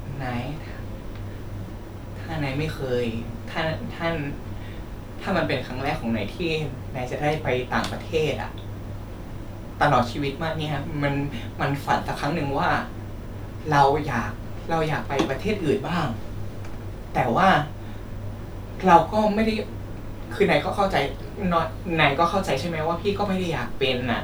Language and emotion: Thai, sad